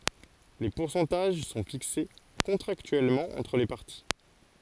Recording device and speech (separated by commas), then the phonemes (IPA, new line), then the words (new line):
forehead accelerometer, read sentence
le puʁsɑ̃taʒ sɔ̃ fikse kɔ̃tʁaktyɛlmɑ̃ ɑ̃tʁ le paʁti
Les pourcentages son fixés contractuellement entre les parties.